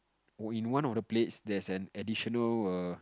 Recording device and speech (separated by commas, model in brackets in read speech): close-talking microphone, conversation in the same room